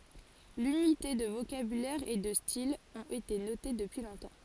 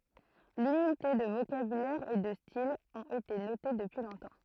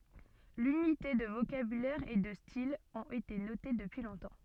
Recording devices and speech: forehead accelerometer, throat microphone, soft in-ear microphone, read sentence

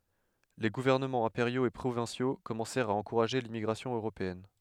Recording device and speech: headset microphone, read sentence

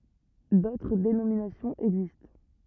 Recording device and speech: rigid in-ear microphone, read sentence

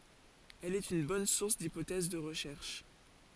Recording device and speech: forehead accelerometer, read sentence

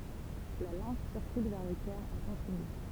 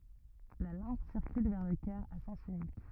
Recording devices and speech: temple vibration pickup, rigid in-ear microphone, read sentence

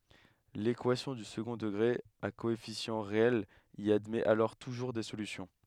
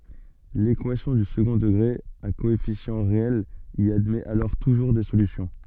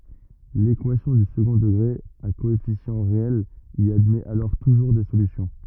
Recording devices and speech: headset microphone, soft in-ear microphone, rigid in-ear microphone, read sentence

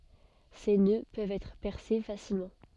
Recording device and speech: soft in-ear microphone, read sentence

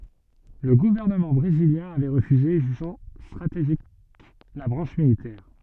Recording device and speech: soft in-ear microphone, read sentence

